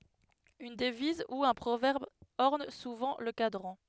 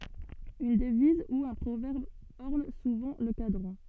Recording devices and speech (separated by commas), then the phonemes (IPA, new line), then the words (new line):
headset microphone, soft in-ear microphone, read sentence
yn dəviz u œ̃ pʁovɛʁb ɔʁn suvɑ̃ lə kadʁɑ̃
Une devise ou un proverbe orne souvent le cadran.